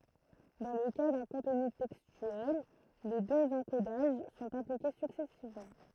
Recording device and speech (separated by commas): throat microphone, read sentence